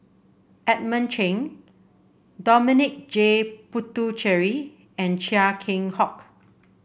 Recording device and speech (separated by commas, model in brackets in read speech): boundary microphone (BM630), read sentence